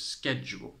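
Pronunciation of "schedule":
'Schedule' is said with the American English pronunciation, which is a correct pronunciation of the word.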